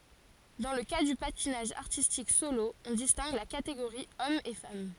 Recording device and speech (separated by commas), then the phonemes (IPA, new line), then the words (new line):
forehead accelerometer, read sentence
dɑ̃ lə ka dy patinaʒ aʁtistik solo ɔ̃ distɛ̃ɡ la kateɡoʁi ɔm e fam
Dans le cas du patinage artistique solo, on distingue la catégorie homme et femme.